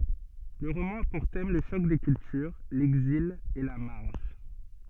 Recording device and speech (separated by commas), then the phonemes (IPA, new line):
soft in-ear microphone, read sentence
lə ʁomɑ̃ a puʁ tɛm lə ʃɔk de kyltyʁ lɛɡzil e la maʁʒ